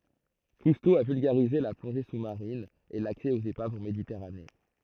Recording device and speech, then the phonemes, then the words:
throat microphone, read sentence
kusto a vylɡaʁize la plɔ̃ʒe su maʁin e laksɛ oz epavz ɑ̃ meditɛʁane
Cousteau a vulgarisé la plongée sous-marine et l'accès aux épaves en Méditerranée.

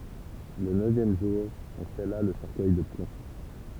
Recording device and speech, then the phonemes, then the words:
temple vibration pickup, read sentence
lə nøvjɛm ʒuʁ ɔ̃ sɛla lə sɛʁkœj də plɔ̃
Le neuvième jour, on scella le cercueil de plomb.

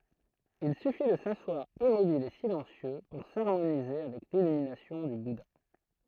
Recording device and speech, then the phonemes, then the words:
throat microphone, read sentence
il syfi də saswaʁ immobil e silɑ̃sjø puʁ saʁmonize avɛk lilyminasjɔ̃ dy buda
Il suffit de s’asseoir immobile et silencieux pour s'harmoniser avec l'illumination du Bouddha.

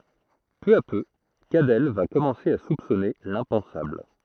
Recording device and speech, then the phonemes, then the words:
throat microphone, read sentence
pø a pø kadɛl va kɔmɑ̃se a supsɔne lɛ̃pɑ̃sabl
Peu à peu, Cadell va commencer à soupçonner l'impensable.

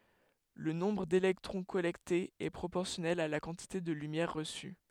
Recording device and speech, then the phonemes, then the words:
headset microphone, read sentence
lə nɔ̃bʁ delɛktʁɔ̃ kɔlɛktez ɛ pʁopɔʁsjɔnɛl a la kɑ̃tite də lymjɛʁ ʁəsy
Le nombre d'électrons collectés est proportionnel à la quantité de lumière reçue.

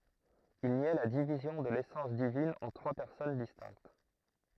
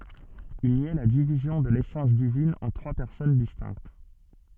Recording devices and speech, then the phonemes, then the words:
throat microphone, soft in-ear microphone, read sentence
il njɛ la divizjɔ̃ də lesɑ̃s divin ɑ̃ tʁwa pɛʁsɔn distɛ̃kt
Il niait la division de l'essence divine en trois personnes distinctes.

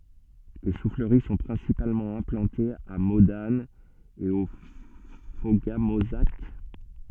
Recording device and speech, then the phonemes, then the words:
soft in-ear microphone, read sentence
le sufləʁi sɔ̃ pʁɛ̃sipalmɑ̃ ɛ̃plɑ̃tez a modan e o foɡamozak
Les souffleries sont principalement implantées à Modane et au Fauga-Mauzac.

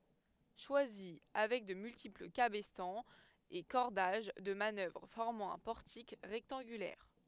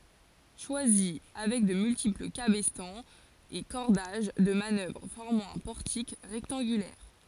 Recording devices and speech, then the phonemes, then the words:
headset microphone, forehead accelerometer, read sentence
ʃwazi avɛk də myltipl kabɛstɑ̃z e kɔʁdaʒ də manœvʁ fɔʁmɑ̃ œ̃ pɔʁtik ʁɛktɑ̃ɡylɛʁ
Choisy, avec de multiples cabestans et cordages de manœuvre formant un portique rectangulaire.

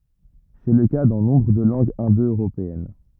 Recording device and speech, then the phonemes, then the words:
rigid in-ear microphone, read sentence
sɛ lə ka dɑ̃ nɔ̃bʁ də lɑ̃ɡz ɛ̃do øʁopeɛn
C'est le cas dans nombre de langues indo-européennes.

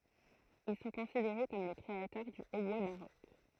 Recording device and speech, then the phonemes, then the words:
throat microphone, read sentence
il sɔ̃ kɔ̃sideʁe kɔm le kʁeatœʁ dy otbwa baʁok
Ils sont considérés comme les créateurs du hautbois baroque.

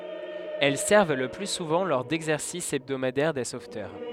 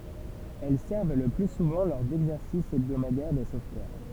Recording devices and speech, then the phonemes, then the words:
headset microphone, temple vibration pickup, read sentence
ɛl sɛʁv lə ply suvɑ̃ lɔʁ dɛɡzɛʁsis ɛbdomadɛʁ de sovtœʁ
Elles servent le plus souvent lors d'exercices hebdomadaires des sauveteurs.

